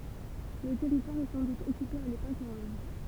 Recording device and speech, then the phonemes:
temple vibration pickup, read sentence
lə tɛʁitwaʁ ɛ sɑ̃ dut ɔkype a lepok ʁomɛn

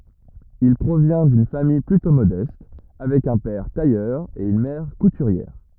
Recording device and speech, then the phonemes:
rigid in-ear microphone, read sentence
il pʁovjɛ̃ dyn famij plytɔ̃ modɛst avɛk œ̃ pɛʁ tajœʁ e yn mɛʁ kutyʁjɛʁ

